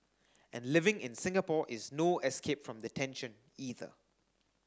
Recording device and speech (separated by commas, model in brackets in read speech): standing microphone (AKG C214), read sentence